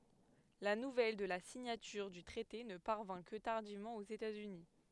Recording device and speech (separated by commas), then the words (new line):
headset microphone, read sentence
La nouvelle de la signature du traité ne parvint que tardivement aux États-Unis.